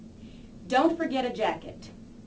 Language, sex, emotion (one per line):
English
female
neutral